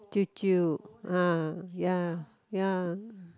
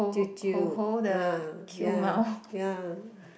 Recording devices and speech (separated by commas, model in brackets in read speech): close-talking microphone, boundary microphone, conversation in the same room